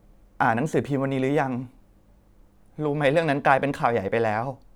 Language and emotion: Thai, sad